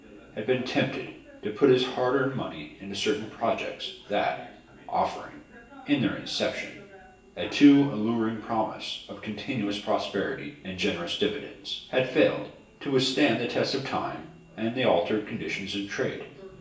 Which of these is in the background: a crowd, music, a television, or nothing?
A television.